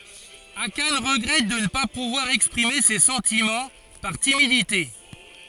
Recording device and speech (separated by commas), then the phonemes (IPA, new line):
forehead accelerometer, read sentence
akan ʁəɡʁɛt də nə pa puvwaʁ ɛkspʁime se sɑ̃timɑ̃ paʁ timidite